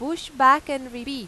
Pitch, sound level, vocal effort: 270 Hz, 96 dB SPL, loud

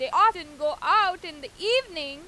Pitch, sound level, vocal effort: 370 Hz, 101 dB SPL, very loud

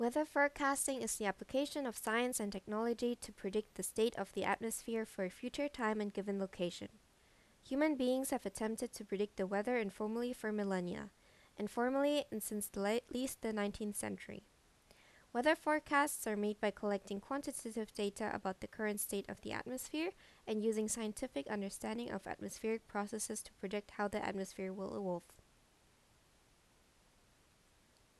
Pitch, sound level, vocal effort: 215 Hz, 81 dB SPL, normal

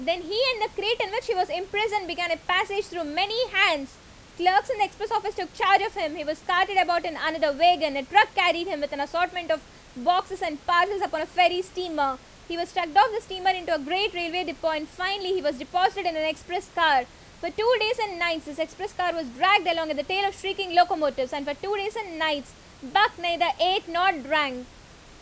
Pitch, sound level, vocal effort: 360 Hz, 91 dB SPL, very loud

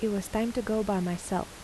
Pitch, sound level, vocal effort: 205 Hz, 81 dB SPL, soft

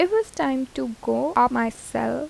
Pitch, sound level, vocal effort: 240 Hz, 83 dB SPL, soft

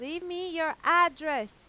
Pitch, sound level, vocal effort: 330 Hz, 99 dB SPL, very loud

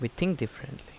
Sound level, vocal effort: 75 dB SPL, normal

